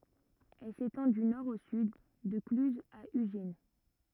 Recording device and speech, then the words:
rigid in-ear microphone, read sentence
Elle s'étend du nord au sud, de Cluses à Ugine.

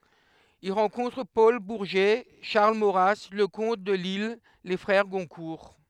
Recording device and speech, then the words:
headset microphone, read sentence
Il rencontre Paul Bourget, Charles Maurras, Leconte de Lisle, les frères Goncourt.

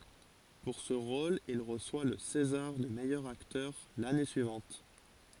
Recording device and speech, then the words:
forehead accelerometer, read sentence
Pour ce rôle il reçoit le césar du meilleur acteur l'année suivante.

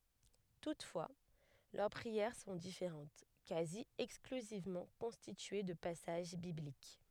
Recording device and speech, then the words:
headset microphone, read sentence
Toutefois, leurs prières sont différentes, quasi exclusivement constituées de passages bibliques.

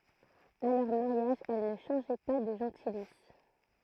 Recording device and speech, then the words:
throat microphone, read sentence
À leur mariage, elles ne changeaient pas de gentilice.

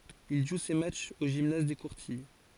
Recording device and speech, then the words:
forehead accelerometer, read sentence
Il joue ses matchs au gymnase des Courtilles.

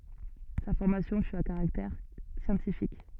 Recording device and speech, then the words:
soft in-ear microphone, read sentence
Sa formation fut à caractère scientifique.

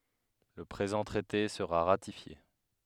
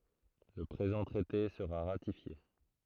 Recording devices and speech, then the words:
headset microphone, throat microphone, read sentence
Le présent traité sera ratifié.

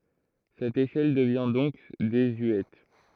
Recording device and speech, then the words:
throat microphone, read sentence
Cette échelle devient donc désuète.

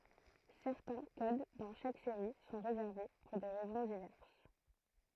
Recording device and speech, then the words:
throat microphone, read sentence
Certains codes dans chaque série sont réservés, pour des raisons diverses.

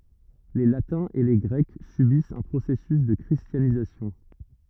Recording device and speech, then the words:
rigid in-ear microphone, read sentence
Les Latins et les Grecs subissent un processus de christianisation.

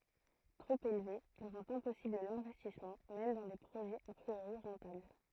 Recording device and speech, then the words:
throat microphone, read sentence
Trop élevé, il rend impossible l'investissement même dans des projets a priori rentables.

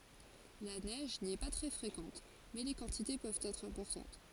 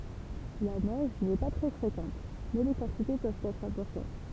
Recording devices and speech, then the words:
forehead accelerometer, temple vibration pickup, read sentence
La neige n'y est pas très fréquente, mais les quantités peuvent être importantes.

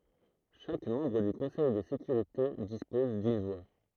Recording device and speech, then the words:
throat microphone, read sentence
Chaque membre du Conseil de sécurité dispose d'une voix.

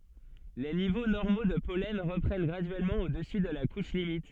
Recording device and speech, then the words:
soft in-ear microphone, read sentence
Les niveaux normaux de pollen reprennent graduellement au-dessus de la couche limite.

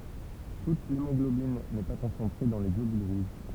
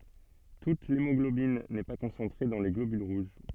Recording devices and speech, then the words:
temple vibration pickup, soft in-ear microphone, read sentence
Toute l'hémoglobine n'est pas concentrée dans les globules rouges.

